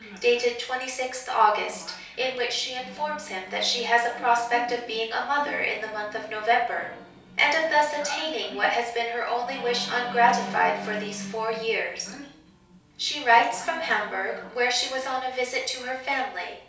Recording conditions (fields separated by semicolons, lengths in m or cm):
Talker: one person; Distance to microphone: 3.0 m; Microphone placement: far; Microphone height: 1.8 m; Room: small (3.7 m by 2.7 m); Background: television